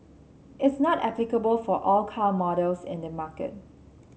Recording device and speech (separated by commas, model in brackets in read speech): mobile phone (Samsung C7), read sentence